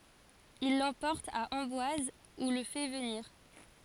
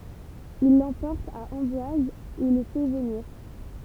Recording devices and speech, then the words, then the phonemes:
forehead accelerometer, temple vibration pickup, read sentence
Il l’emporte à Amboise où le fait venir.
il lɑ̃pɔʁt a ɑ̃bwaz u lə fɛ vəniʁ

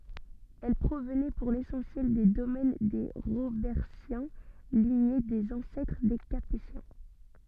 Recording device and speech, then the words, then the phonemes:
soft in-ear microphone, read sentence
Elles provenaient pour l'essentiel des domaines des Robertiens, lignée des ancêtres des Capétiens.
ɛl pʁovnɛ puʁ lesɑ̃sjɛl de domɛn de ʁobɛʁtjɛ̃ liɲe dez ɑ̃sɛtʁ de kapetjɛ̃

